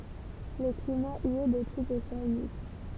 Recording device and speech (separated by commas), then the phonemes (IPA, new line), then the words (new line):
temple vibration pickup, read sentence
lə klima i ɛ də tip oseanik
Le climat y est de type océanique.